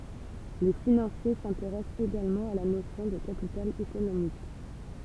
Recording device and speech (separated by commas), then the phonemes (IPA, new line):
temple vibration pickup, read sentence
le finɑ̃sje sɛ̃teʁɛst eɡalmɑ̃ a la nosjɔ̃ də kapital ekonomik